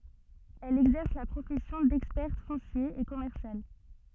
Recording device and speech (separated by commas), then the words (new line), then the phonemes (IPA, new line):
soft in-ear microphone, read sentence
Elle exerce la profession d'experte foncier et commercial.
ɛl ɛɡzɛʁs la pʁofɛsjɔ̃ dɛkspɛʁt fɔ̃sje e kɔmɛʁsjal